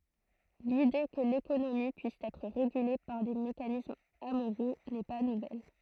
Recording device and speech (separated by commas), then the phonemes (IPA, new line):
throat microphone, read sentence
lide kə lekonomi pyis ɛtʁ ʁeɡyle paʁ de mekanismz amoʁo nɛ pa nuvɛl